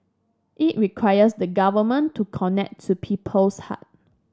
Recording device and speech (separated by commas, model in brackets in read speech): standing microphone (AKG C214), read sentence